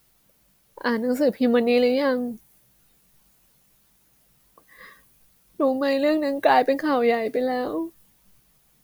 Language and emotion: Thai, sad